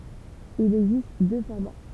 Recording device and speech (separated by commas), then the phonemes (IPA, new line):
temple vibration pickup, read sentence
il ɛɡzist dø fɔʁma